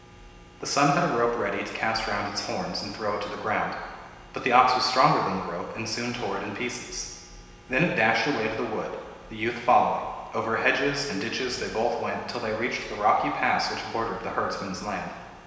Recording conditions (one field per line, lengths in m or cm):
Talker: one person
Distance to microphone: 1.7 m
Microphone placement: close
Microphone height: 1.0 m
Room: very reverberant, large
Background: none